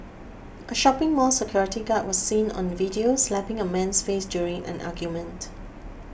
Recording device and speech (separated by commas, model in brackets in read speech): boundary microphone (BM630), read sentence